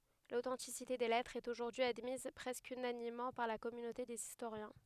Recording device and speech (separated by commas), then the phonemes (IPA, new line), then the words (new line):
headset microphone, read sentence
lotɑ̃tisite de lɛtʁz ɛt oʒuʁdyi admiz pʁɛskə ynanimmɑ̃ paʁ la kɔmynote dez istoʁjɛ̃
L'authenticité des lettres est aujourd'hui admise presque unanimement par la communauté des historiens.